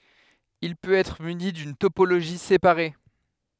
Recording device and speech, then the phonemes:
headset microphone, read sentence
il pøt ɛtʁ myni dyn topoloʒi sepaʁe

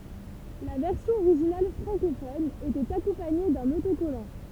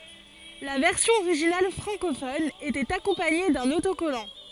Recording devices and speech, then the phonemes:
temple vibration pickup, forehead accelerometer, read sentence
la vɛʁsjɔ̃ oʁiʒinal fʁɑ̃kofɔn etɛt akɔ̃paɲe dœ̃n otokɔlɑ̃

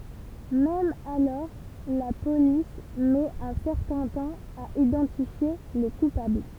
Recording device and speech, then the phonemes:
temple vibration pickup, read sentence
mɛm alɔʁ la polis mɛt œ̃ sɛʁtɛ̃ tɑ̃ a idɑ̃tifje le kupabl

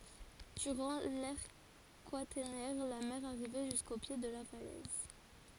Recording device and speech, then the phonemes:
forehead accelerometer, read sentence
dyʁɑ̃ lɛʁ kwatɛʁnɛʁ la mɛʁ aʁivɛ ʒysko pje də la falɛz

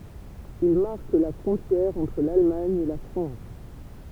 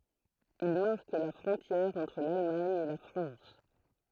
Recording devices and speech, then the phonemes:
temple vibration pickup, throat microphone, read sentence
il maʁk la fʁɔ̃tjɛʁ ɑ̃tʁ lalmaɲ e la fʁɑ̃s

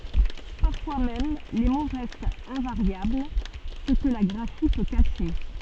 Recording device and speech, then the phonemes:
soft in-ear microphone, read sentence
paʁfwa mɛm le mo ʁɛstt ɛ̃vaʁjabl sə kə la ɡʁafi pø kaʃe

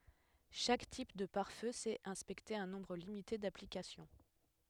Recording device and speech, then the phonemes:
headset microphone, read sentence
ʃak tip də paʁ fø sɛt ɛ̃spɛkte œ̃ nɔ̃bʁ limite daplikasjɔ̃

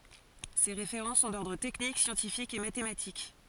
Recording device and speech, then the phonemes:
forehead accelerometer, read sentence
se ʁefeʁɑ̃ sɔ̃ dɔʁdʁ tɛknik sjɑ̃tifikz e matematik

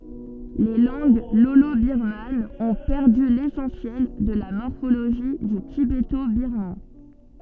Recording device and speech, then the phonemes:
soft in-ear microphone, read sentence
le lɑ̃ɡ lolobiʁmanz ɔ̃ pɛʁdy lesɑ̃sjɛl də la mɔʁfoloʒi dy tibetobiʁman

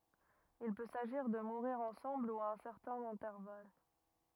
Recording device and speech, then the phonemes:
rigid in-ear microphone, read sentence
il pø saʒiʁ də muʁiʁ ɑ̃sɑ̃bl u a œ̃ sɛʁtɛ̃n ɛ̃tɛʁval

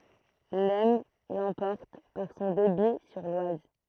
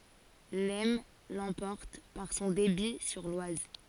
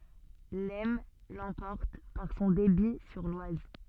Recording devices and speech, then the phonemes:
throat microphone, forehead accelerometer, soft in-ear microphone, read sentence
lɛsn lɑ̃pɔʁt paʁ sɔ̃ debi syʁ lwaz

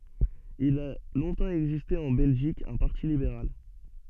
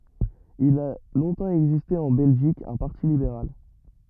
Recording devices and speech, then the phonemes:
soft in-ear microphone, rigid in-ear microphone, read sentence
il a lɔ̃tɑ̃ ɛɡziste ɑ̃ bɛlʒik œ̃ paʁti libeʁal

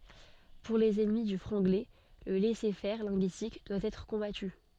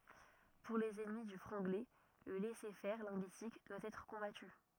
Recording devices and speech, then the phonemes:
soft in-ear microphone, rigid in-ear microphone, read sentence
puʁ lez ɛnmi dy fʁɑ̃ɡlɛ lə lɛsɛʁfɛʁ lɛ̃ɡyistik dwa ɛtʁ kɔ̃baty

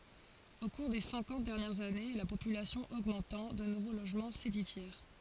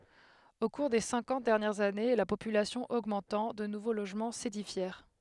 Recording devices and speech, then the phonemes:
forehead accelerometer, headset microphone, read sentence
o kuʁ de sɛ̃kɑ̃t dɛʁnjɛʁz ane la popylasjɔ̃ oɡmɑ̃tɑ̃ də nuvo loʒmɑ̃ sedifjɛʁ

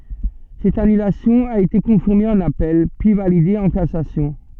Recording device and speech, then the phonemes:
soft in-ear microphone, read sentence
sɛt anylasjɔ̃ a ete kɔ̃fiʁme ɑ̃n apɛl pyi valide ɑ̃ kasasjɔ̃

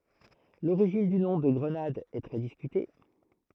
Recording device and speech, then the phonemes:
throat microphone, read sentence
loʁiʒin dy nɔ̃ də ɡʁənad ɛ tʁɛ diskyte

